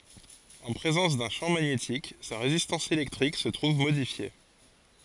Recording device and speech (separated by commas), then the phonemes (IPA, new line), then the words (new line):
forehead accelerometer, read sentence
ɑ̃ pʁezɑ̃s dœ̃ ʃɑ̃ maɲetik sa ʁezistɑ̃s elɛktʁik sə tʁuv modifje
En présence d'un champ magnétique, sa résistance électrique se trouve modifiée.